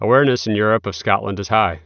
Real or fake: real